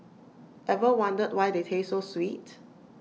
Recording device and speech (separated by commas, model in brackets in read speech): mobile phone (iPhone 6), read sentence